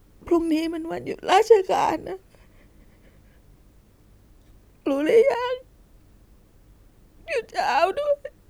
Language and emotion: Thai, sad